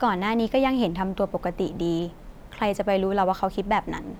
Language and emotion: Thai, neutral